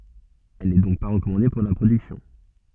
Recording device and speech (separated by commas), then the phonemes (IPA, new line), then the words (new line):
soft in-ear microphone, read sentence
ɛl nɛ dɔ̃k pa ʁəkɔmɑ̃de puʁ la pʁodyksjɔ̃
Elle n'est donc pas recommandée pour la production.